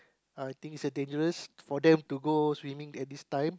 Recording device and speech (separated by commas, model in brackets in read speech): close-talking microphone, conversation in the same room